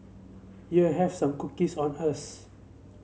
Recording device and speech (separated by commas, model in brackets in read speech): mobile phone (Samsung C7), read sentence